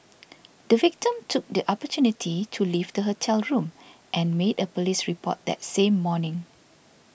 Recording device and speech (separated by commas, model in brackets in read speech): boundary microphone (BM630), read sentence